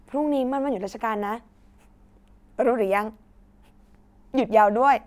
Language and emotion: Thai, happy